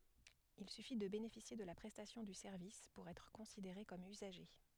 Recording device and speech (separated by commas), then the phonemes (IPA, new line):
headset microphone, read sentence
il syfi də benefisje də la pʁɛstasjɔ̃ dy sɛʁvis puʁ ɛtʁ kɔ̃sideʁe kɔm yzaʒe